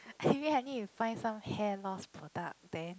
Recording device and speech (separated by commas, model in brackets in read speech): close-talking microphone, conversation in the same room